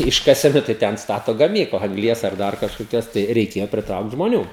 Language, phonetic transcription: Lithuanian, ˈiškasenu tai ˈten ˈstato gaˈmykla angˈlies ar ˈdar kažkoˈkios tai reiˈkėjo priˈtraukt žmoˈnių

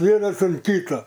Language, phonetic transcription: Lithuanian, ˈvienas ant ˈkyta

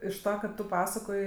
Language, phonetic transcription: Lithuanian, iš ˈtą ka ˈtu ˈpasakoj

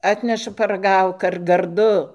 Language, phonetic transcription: Lithuanian, ˈatneša paraˈgauk ar garˈdu

